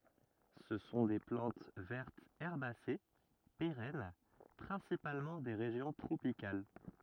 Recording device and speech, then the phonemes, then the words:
rigid in-ear microphone, read sentence
sə sɔ̃ de plɑ̃t vɛʁtz ɛʁbase peʁɛn pʁɛ̃sipalmɑ̃ de ʁeʒjɔ̃ tʁopikal
Ce sont des plantes vertes herbacées, pérennes, principalement des régions tropicales.

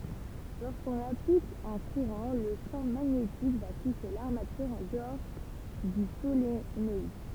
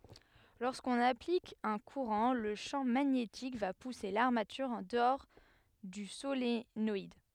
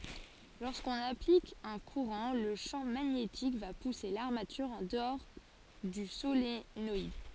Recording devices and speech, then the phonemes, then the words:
temple vibration pickup, headset microphone, forehead accelerometer, read sentence
loʁskɔ̃n aplik œ̃ kuʁɑ̃ lə ʃɑ̃ maɲetik va puse laʁmatyʁ ɑ̃ dəɔʁ dy solenɔid
Lorsqu’on applique un courant, le champ magnétique va pousser l’armature en dehors du solénoïde.

